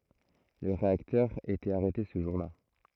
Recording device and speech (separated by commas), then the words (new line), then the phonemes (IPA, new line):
throat microphone, read sentence
Le réacteur était arrêté ce jour-là.
lə ʁeaktœʁ etɛt aʁɛte sə ʒuʁ la